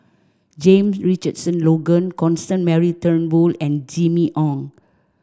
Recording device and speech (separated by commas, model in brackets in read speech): standing microphone (AKG C214), read sentence